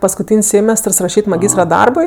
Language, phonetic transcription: Lithuanian, paskuˈtyn's' ˈsėmestərs raˈšyt' maˈgystra ˈdarbui

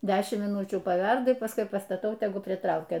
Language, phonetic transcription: Lithuanian, ˈdešimt myˈnučių paˈverda pasˈkui pastaˈtau teˈgu priˈtraukia

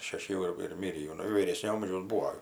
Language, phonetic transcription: Lithuanian, šeˈši jau ir ir ˈmirį jau ˈnu vyˈrėsnio ˈamžiaus ˈbūo

